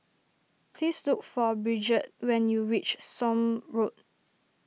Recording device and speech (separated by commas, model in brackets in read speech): mobile phone (iPhone 6), read sentence